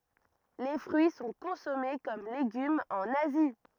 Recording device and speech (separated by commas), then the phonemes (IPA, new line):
rigid in-ear microphone, read sentence
le fʁyi sɔ̃ kɔ̃sɔme kɔm leɡymz ɑ̃n azi